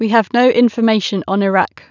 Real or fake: real